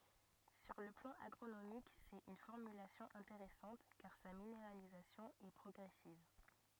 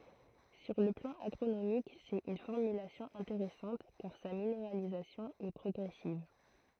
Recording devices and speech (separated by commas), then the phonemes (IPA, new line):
rigid in-ear microphone, throat microphone, read sentence
syʁ lə plɑ̃ aɡʁonomik sɛt yn fɔʁmylasjɔ̃ ɛ̃teʁɛsɑ̃t kaʁ sa mineʁalizasjɔ̃ ɛ pʁɔɡʁɛsiv